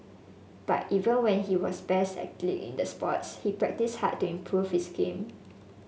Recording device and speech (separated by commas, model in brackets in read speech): mobile phone (Samsung S8), read sentence